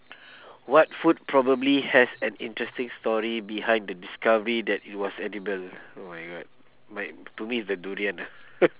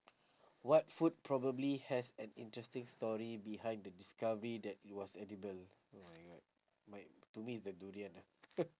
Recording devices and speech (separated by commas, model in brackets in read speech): telephone, standing microphone, conversation in separate rooms